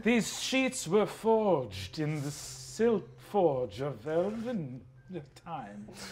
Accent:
in fancy elf accent